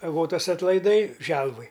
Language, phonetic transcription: Lithuanian, aˈgotas atlaiˈdai ˈželvuj

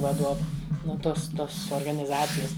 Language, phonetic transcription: Lithuanian, vaˈduovu nu ˈtos ˈtos organiˈzacijas

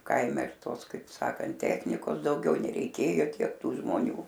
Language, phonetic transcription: Lithuanian, ˈkaime ir ˈtos kaip ˈsakant ˈtechnikos dauˈgiau nereiˈkėjo ˈtiek ˈtų žmoˈnių

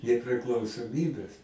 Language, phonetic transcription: Lithuanian, nepriklausoˈmybes

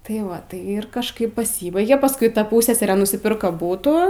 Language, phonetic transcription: Lithuanian, tai ˈva tai ir kažˈkaip paˈsybaigė pasˈkui ˈta ˈpūsseserė nusiˈpirka ˈbūtų

